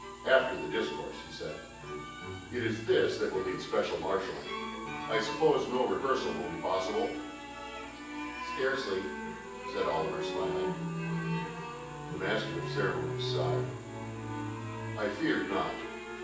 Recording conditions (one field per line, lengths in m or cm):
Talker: one person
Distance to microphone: 9.8 m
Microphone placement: far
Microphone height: 1.8 m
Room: large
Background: music